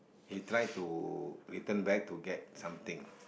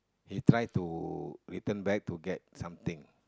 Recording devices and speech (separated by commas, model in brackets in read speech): boundary microphone, close-talking microphone, conversation in the same room